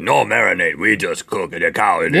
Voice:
caveman voice